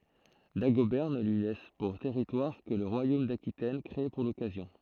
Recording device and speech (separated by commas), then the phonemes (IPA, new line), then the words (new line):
throat microphone, read sentence
daɡobɛʁ nə lyi lɛs puʁ tɛʁitwaʁ kə lə ʁwajom dakitɛn kʁee puʁ lɔkazjɔ̃
Dagobert ne lui laisse pour territoire que le royaume d'Aquitaine, créé pour l'occasion.